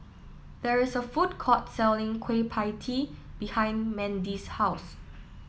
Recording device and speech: mobile phone (iPhone 7), read sentence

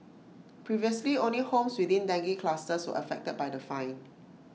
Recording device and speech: mobile phone (iPhone 6), read sentence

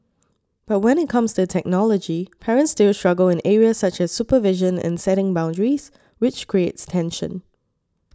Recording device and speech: standing microphone (AKG C214), read sentence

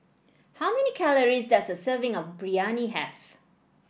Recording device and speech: boundary microphone (BM630), read sentence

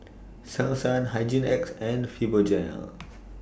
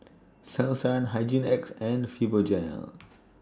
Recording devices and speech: boundary microphone (BM630), standing microphone (AKG C214), read sentence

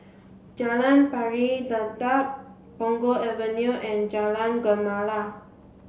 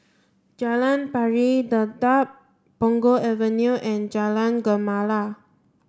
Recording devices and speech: mobile phone (Samsung C7), standing microphone (AKG C214), read sentence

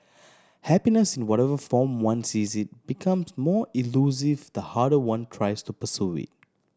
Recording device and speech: standing microphone (AKG C214), read sentence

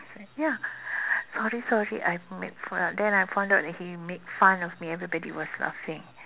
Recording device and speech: telephone, conversation in separate rooms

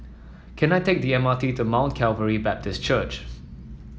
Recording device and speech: mobile phone (iPhone 7), read sentence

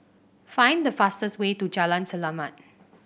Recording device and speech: boundary microphone (BM630), read sentence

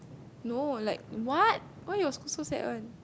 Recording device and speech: close-talking microphone, conversation in the same room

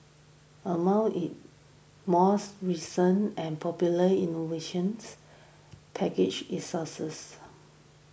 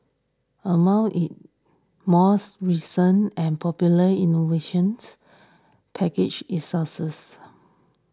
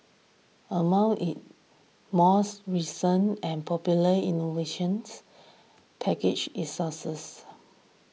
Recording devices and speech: boundary microphone (BM630), standing microphone (AKG C214), mobile phone (iPhone 6), read sentence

